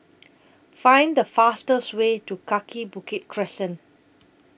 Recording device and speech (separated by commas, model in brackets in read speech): boundary microphone (BM630), read sentence